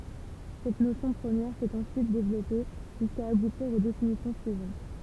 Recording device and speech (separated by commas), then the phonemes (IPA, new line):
temple vibration pickup, read sentence
sɛt nosjɔ̃ pʁəmjɛʁ sɛt ɑ̃syit devlɔpe ʒyska abutiʁ o definisjɔ̃ syivɑ̃t